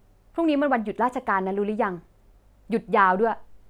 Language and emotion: Thai, frustrated